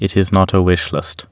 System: none